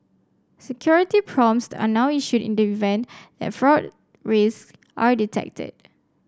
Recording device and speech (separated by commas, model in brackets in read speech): standing microphone (AKG C214), read sentence